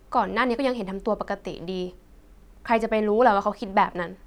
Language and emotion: Thai, frustrated